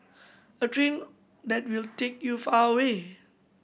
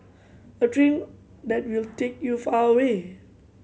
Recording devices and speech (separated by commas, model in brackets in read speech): boundary microphone (BM630), mobile phone (Samsung C7100), read sentence